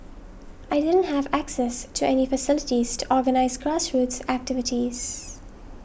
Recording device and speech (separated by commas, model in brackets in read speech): boundary microphone (BM630), read sentence